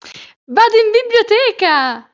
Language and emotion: Italian, happy